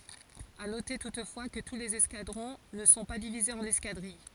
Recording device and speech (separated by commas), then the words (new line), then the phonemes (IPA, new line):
forehead accelerometer, read sentence
À noter toutefois, que tous les escadrons ne sont pas divisés en escadrilles.
a note tutfwa kə tu lez ɛskadʁɔ̃ nə sɔ̃ pa divizez ɑ̃n ɛskadʁij